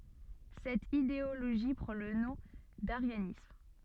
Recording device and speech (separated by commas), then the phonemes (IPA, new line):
soft in-ear microphone, read sentence
sɛt ideoloʒi pʁɑ̃ lə nɔ̃ daʁjanism